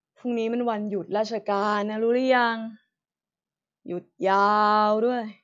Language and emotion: Thai, frustrated